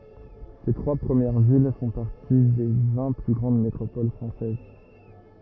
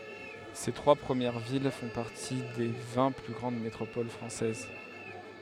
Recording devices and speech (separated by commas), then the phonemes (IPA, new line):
rigid in-ear microphone, headset microphone, read sentence
se tʁwa pʁəmjɛʁ vil fɔ̃ paʁti de vɛ̃ ply ɡʁɑ̃d metʁopol fʁɑ̃sɛz